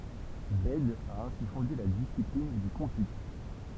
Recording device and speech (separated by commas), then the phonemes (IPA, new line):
temple vibration pickup, read sentence
bɛd a ɛ̃si fɔ̃de la disiplin dy kɔ̃py